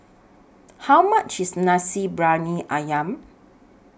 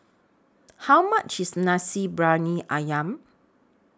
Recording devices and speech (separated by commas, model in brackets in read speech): boundary microphone (BM630), standing microphone (AKG C214), read sentence